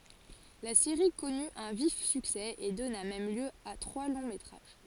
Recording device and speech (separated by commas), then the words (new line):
forehead accelerometer, read sentence
La série connu un vif succès et donna même lieu à trois longs métrages.